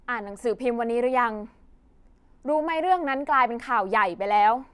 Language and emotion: Thai, angry